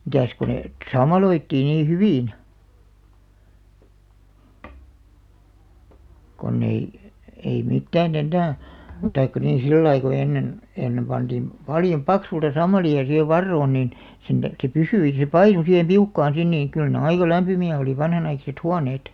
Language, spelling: Finnish, mitäs kun ne - sammaloitiin niin hyvin kun ei ei mitään enää tai niin sillä lailla kun ennen ennen pantiin paljon paksulta sammalia siihen varoon niin sen tähden se pysyi se painui siihen piukkaan sinne niin kyllä ne aika lämpimiä oli vanhanaikaiset huoneet
- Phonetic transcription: 'mitä̀s ko nè ᵊt , "sammaloittii nii 'hyvìn , konn ‿ei , ei 'mittää"n ‿ennää , 'taikka nii 'sillai ko 'ennen , 'ennem ʙanᴅiim , "paljoᵐ "paksulta 'sammali₍a siihev "varroon nìn , 'sen (tähre) 'se "pysyi se "painu sihem 'piukkaan 'sin niin̬ , kyl ne 'aika 'lämpymi₍ä oli 'vanhanaikaset "huaneet .

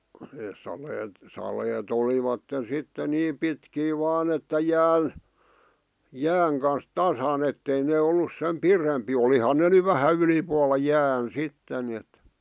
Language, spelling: Finnish, ne saleet saleet olivat sitten niin pitkiä vain että jään jään kanssa tasan että ei ne ollut sen pidempiä olihan ne nyt vähän ylipuolella jään sitten niin että
- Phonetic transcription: nees saleet , 'salee't ‿olivatten̬ sitte 'niim pitkii 'vaan ‿että "jään , "jääŋ kans "tasa'n ‿ettei nee 'ollus sem "pirempii 'olihan ne ny "vähä 'ylipualla "jään 'sitten ni₍et ,.

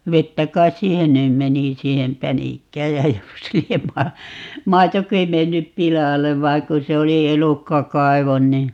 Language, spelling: Finnish, vettä kai siihen nyt meni siihen pänikkään ja jos lie - maitokin mennyt pilalle vain kun se oli elukkakaivo niin
- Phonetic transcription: "vettä kais "siihen nym 'meni 'siihem 'pänikkääj jä 'jos liem ma- , "maitoki 'mennyp "pilalev 'vaiŋ ku 'se oli "elukka'kaivon ni ,.

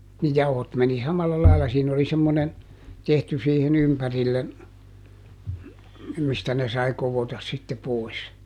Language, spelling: Finnish, niin jauhot meni samalla lailla siinä oli semmoinen tehty siihen ympärille mistä ne sai koota sitten pois
- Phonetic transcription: ni ˈjauhot meni ˈsamalla laila - siin ‿oli ˈsemmonen , ˈtehty siihiˈn ‿ympärillen , ˈmistä ne sai ˈkovotas sitte ˈpòis .

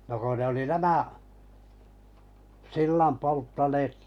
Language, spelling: Finnish, no kun ne oli nämä sillan polttaneet
- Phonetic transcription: no ko ne oli 'nämä’ , 'sillam polttaneet ,.

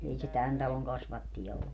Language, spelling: Finnish, ei se tämän talon kasvatteja ollut
- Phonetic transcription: 'ei se "tän taloŋ 'kasvattija ollu .

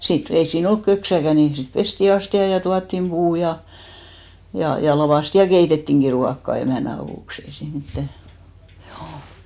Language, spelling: Finnish, sitten ei siinä ollut köksääkään niin sitten pestiin astiat ja tuotiin puut ja ja ja lakaistiin ja keitettiinkin ruokaa emännän avuksi ei siinä mitään juu
- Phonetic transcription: 'sit , ei siin 'olk "köksäkä ni sit 'pesti 'asti₍a ja 'tuattim 'ʙuu ja , ja , ja 'lavàsti ja "keitettiŋki 'ruakka 'emä̀nä avùks ‿ei siin 'mittä , hjuu .

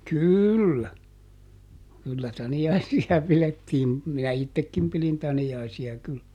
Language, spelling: Finnish, kyllä kyllä taniaisia pidettiin minä itsekin pidin taniaisia kyllä
- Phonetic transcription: "kỳllä , kyllä ˈtani₍aisi₍a ˈpilettiim , minä "ittekkim pilin ˈtani₍aisi₍a kyl .

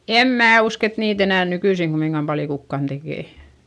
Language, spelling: Finnish, en minä usko että niitä enää nykyisin kumminkaan paljon kukaan tekee
- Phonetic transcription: em mää usk ‿et niit ‿enä̀n nykyisiŋ GummiŋGam paljo kukkan Dekè .

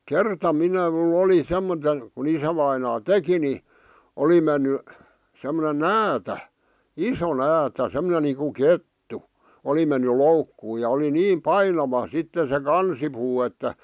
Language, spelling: Finnish, kerta minä minulla oli - kun isävainaa teki niin oli mennyt semmoinen näätä iso näätä semmoinen niin kuin kettu oli mennyt loukkuun ja oli niin painava sitten se kansipuu että
- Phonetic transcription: kerta 'minä m̥l ‿oli 'semmote- , ku 'isävainaa "teki ni , 'oli menny , semmone "näätä , "iso 'näätä , 'semᵒnen niiku 'kettu , 'oli menny "loukkuu ja oli "niim "painava sitte se "kansipuu että , .

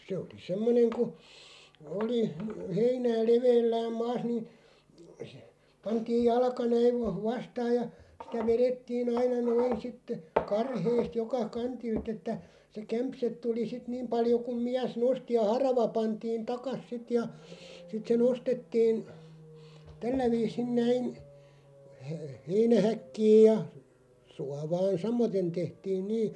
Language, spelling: Finnish, se oli semmoinen kun oli heinää leveällään maassa niin se pantiin jalka näin - vastaan ja sitä vedettiin aina noin sitten karheasti joka kantilta että se kämse tuli sitten niin paljon kuin mies nosti ja harava pantiin takaisin sitten ja sitten se nostettiin tällä viisin näin - heinähäkkiin ja suovaan samaten tehtiin niin
- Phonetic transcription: 'se oli 'semmoneŋ ku , 'oli , 'heinää "leveellääm 'maas ni , (se) , 'pantiij "jalka 'näiv va- 'vastaaj ja , sitä 'verettii'n ‿aina 'noin sitte , 'karheest 'joka "kantilt ‿että , se 'kämpset 'tuli sit "niim paljo kuᵐ 'miäs "nosti ja "harava 'pantiin 'takas 'sit ja , sit se 'nostettiin , 'tällä viisin 'näin , he- 'heinähäkkiij ja , 'suavaan "samoten 'tehtiin "nii ,.

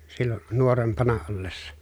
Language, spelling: Finnish, silloin nuorempana ollessa
- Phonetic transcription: sillo , nuorempana ollessa .

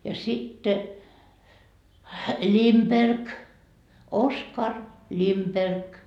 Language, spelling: Finnish, ja sitten Lindberg Oskar Lindberg
- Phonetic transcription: ja sitte , "Limperk , "Oskar "Limperk .

